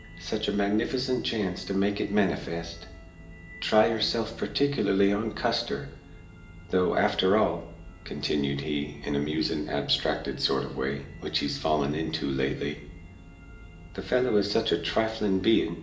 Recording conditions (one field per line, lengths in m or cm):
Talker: one person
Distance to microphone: 1.8 m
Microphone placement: close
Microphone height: 1.0 m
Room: large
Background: music